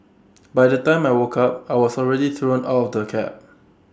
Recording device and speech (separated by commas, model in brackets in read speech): standing microphone (AKG C214), read sentence